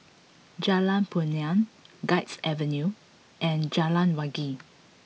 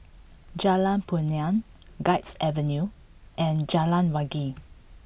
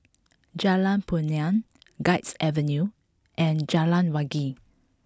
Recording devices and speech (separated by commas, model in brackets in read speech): mobile phone (iPhone 6), boundary microphone (BM630), close-talking microphone (WH20), read sentence